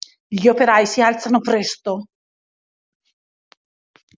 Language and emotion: Italian, angry